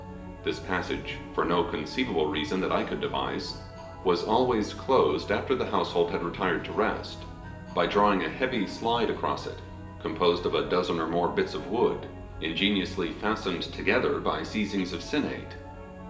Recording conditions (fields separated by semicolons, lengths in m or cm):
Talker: one person; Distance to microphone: 1.8 m; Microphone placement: close; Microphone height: 1.0 m; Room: large; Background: music